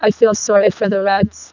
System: VC, vocoder